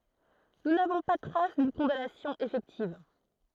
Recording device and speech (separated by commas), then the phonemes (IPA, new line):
throat microphone, read sentence
nu navɔ̃ pa tʁas dyn kɔ̃danasjɔ̃ efɛktiv